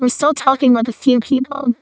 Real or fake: fake